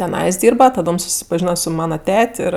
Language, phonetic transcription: Lithuanian, teˈnais ˈdyrba taˈdom susipaˈžyna su ˈmana ˈtet' ˈir

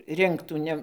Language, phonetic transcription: Lithuanian, ˈrinktų ˈne

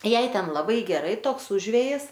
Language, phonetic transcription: Lithuanian, ˈjai ˈten laˈbai geˈrai ˈtoks ˈužvėjis

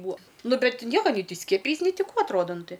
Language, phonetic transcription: Lithuanian, ˈbuo ˈnu ˈbet ˈnieka nei ˈtį ˈskiepijeis nei ti ˈkų atˈroda ˈnu ˈtai

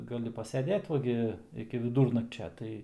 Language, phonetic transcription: Lithuanian, gaˈli paseˈdėt ˈva gi iki viˈdūrnakčia ˈtai

